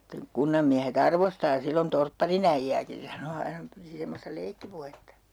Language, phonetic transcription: Finnish, [sit]teŋ 'kunnammiähe't ‿arvostaa 'sillon "torpparin ‿äijjääkin (se) sano 'aina , piti 'semmosta 'leikkipuhetta .
- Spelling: sitten kunnanmiehet arvostaa silloin torpparin äijääkin se sanoi aina piti semmoista leikkipuhetta

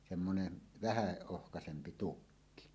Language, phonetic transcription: Finnish, semmonen , vähä 'ohkasempi 'tukki .
- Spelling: semmoinen vähän ohuempi tukki

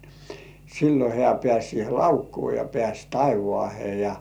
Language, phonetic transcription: Finnish, sillo 'hĕä̀ pĕä̀s̜ sihe "laukkuu ja pĕä̀s̜ "taivŏàhe ja .
- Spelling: silloin hän pääsi siihen laukkuun ja pääsi taivaaseen ja

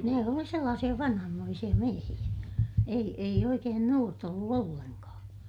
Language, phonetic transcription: Finnish, ne oli sellaasiʲa vanhammoisiʲa miehiʲä , ei , eij ‿oikeen nuort ‿ollu ollenkaa .
- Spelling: ne oli sellaisia vanhanmoisia miehiä ei ei oikein nuorta ollut ollenkaan

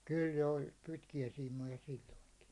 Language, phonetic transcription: Finnish, 'kyl jo oĺ 'pitki₍äsiim̆moja silloiŋki .
- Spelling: kyllä jo oli pitkiäsiimoja silloinkin

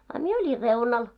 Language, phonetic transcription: Finnish, a "mie 'oĺir "reunal .
- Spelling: a minä olin reunalla

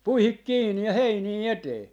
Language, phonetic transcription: Finnish, "puihik 'kiinni ja "heinii "etee .
- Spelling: puihin kiinni ja heiniä eteen

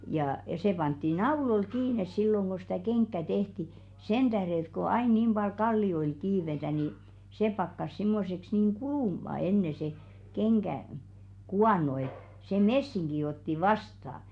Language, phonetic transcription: Finnish, jă se 'pantti "naulol 'kiines silloŋ ɢo sⁱtä̀ "keŋkkä 'tehti , 'sen ᴅähre ‿ĕt ko 'ain niim ʙal 'kalli₍oil 'kiivetä ni , 'se pakkas 'simmoseks niiŋ "kulùma enne se , 'keŋɢä , "kuàno et , se "messiŋɢi otti "vasta .
- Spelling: ja se pantiin nauloilla kiinni silloin kun sitä kenkää tehtiin sen tähden että kun aina niin paljon kallioilla kiivetään niin se pakkasi semmoiseksi niin kulumaan ennen se kengän kuono että se messinki otti vastaan

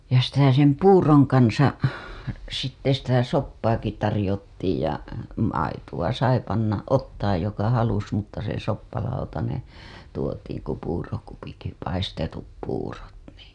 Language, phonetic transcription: Finnish, ja sitä sem "puuroŋ kansa , sitte sitä 'soppaaki tarĭjottiij ja , maituwa sai panna , 'ottaaj joka halus mutta se 'soppalautaneḛ , tuotiiŋ ku puurokupikki 'paistetup puurot nii .
- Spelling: ja sitä sen puuron kanssa sitten sitä soppaakin tarjottiin ja maitoa sai panna ottaa joka halusi mutta se soppalautanen tuotiin kun puurokupitkin paistetut puurot niin

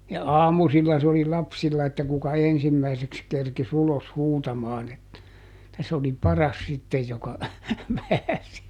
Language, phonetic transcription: Finnish, ja "aamusilla se ‿oli "lapsilla että kuka "ensimmäiseks kerkiˈs ‿ulos ˈhuutamaan ‿et- , -tä sᵉ ‿oli "paras ˈsittej joka , ˈpääsi .
- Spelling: ja aamusilla se oli lapsilla että kuka ensimmäiseksi kerkisi ulos huutamaan - että se oli paras sitten joka pääsi

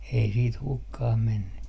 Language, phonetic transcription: Finnish, ei siit 'hukkah menny .
- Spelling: ei sitten hukkaan mennyt

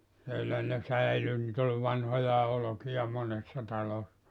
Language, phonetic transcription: Finnish, sielä ne 'säily nit ‿oĺ 'vanhojaa 'olokija 'monessa 'talos(sa) .
- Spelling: siellä ne säilyi niitä oli vanhojakin olkia monessa talossa

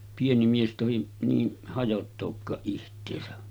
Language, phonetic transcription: Finnish, pieni mies tohi , niin 'hajottookkaaˀ ˀiht̀eesä .
- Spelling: pieni mies tohdi niin hajottaakaan itseänsä

